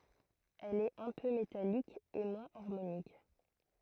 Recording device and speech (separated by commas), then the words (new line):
throat microphone, read sentence
Elle est un peu métallique et moins harmonique.